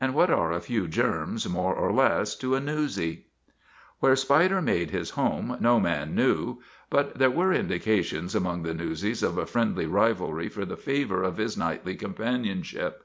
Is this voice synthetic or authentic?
authentic